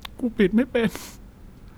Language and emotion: Thai, frustrated